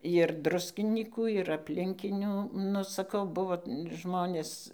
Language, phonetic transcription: Lithuanian, jir ˈdruskinykų ir aplinˈkinių nu saˈkau ˈbuvo ˈžmonės

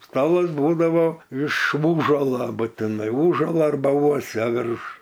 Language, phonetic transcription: Lithuanian, ˈstalas ˈbūdavo iš vųžala butiˈnai ˈųžalo arˈba ˈuosia ˈvirš

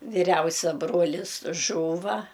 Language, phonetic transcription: Lithuanian, viˈriausia ˈbrolis ˈžūva

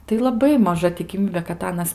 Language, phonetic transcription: Lithuanian, tai laˈbai maˈža tikiˈmybė kad ˈanas

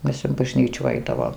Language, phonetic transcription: Lithuanian, ˈmes in baˈžnyčų ˈaidavom

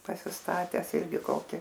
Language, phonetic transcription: Lithuanian, pasisˈtates ˈirgi ˈkoki

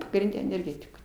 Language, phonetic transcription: Lithuanian, pagrinˈde enerˈgetiku

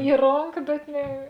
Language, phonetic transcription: Lithuanian, i ˈronka bet ˈne

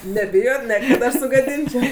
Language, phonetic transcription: Lithuanian, neˈbijot ˈne kad ˈaš sugaˈdinčiau

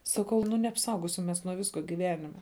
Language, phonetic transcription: Lithuanian, saˈkau nu neapˈsaugosim ˈmes nuo ˈvisko giˈvenime

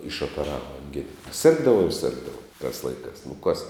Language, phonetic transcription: Lithuanian, išopeˈrava anˈgina ˈsirgdavau ir ˈsirgdavau tās ˈlaikās nu kas

